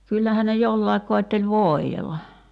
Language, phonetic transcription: Finnish, 'kyllähä ne "jollaek koetteĺ "vòi̬jella .
- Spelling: kyllähän ne jollakin koetteli voidella

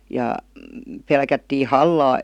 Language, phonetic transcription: Finnish, 'ja , 'pelkättii "hallaa .
- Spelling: ja pelättiin hallaa

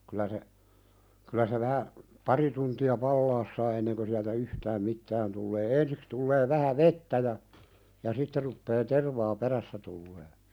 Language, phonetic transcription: Finnish, kylä se , kylä se vähä , "pari tunti₍a 'pallaas saa enneŋkö siältä 'yhtääm "mittään tullee 'ensiks tullee 'vähä "vettä ja , ja 'sitte ruppee "tervaa 'perässä tullee .
- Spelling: kyllä se kyllä se vähän pari tuntia palaa saa ennen sieltä yhtään mitään tulee ensiksi tulee vähän vettä ja ja sitten rupeaa tervaa perässä tulemaan

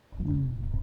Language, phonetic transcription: Finnish, hmm .
- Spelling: mm

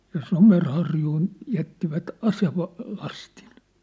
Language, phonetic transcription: Finnish, ja "Somer'harjuun , 'jättivät "aseva- , '-lastin .
- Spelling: ja Somerharjuun jättivät - aselastin

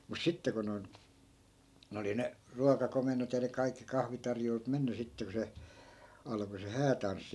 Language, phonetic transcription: Finnish, mus 'sitte ko noi̮n , 'n ‿oli ne , 'ruakakomen̆not ja ne kaikki 'kahvitarjoilut 'menny sitte ku se , 'alᵃko se "häätanssi .
- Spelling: mutta sitten kun noin ne oli ne ruokakomennot ja ne kaikki kahvitarjoilut mennyt sitten kun se alkoi se häätanssi

